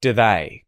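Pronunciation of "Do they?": In 'Do they?', the oo sound of 'do' is reduced to a schwa.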